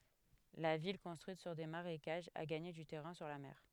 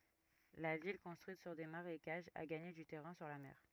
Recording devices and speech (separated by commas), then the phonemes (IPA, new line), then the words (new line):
headset microphone, rigid in-ear microphone, read sentence
la vil kɔ̃stʁyit syʁ de maʁekaʒz a ɡaɲe dy tɛʁɛ̃ syʁ la mɛʁ
La ville, construite sur des marécages, a gagné du terrain sur la mer.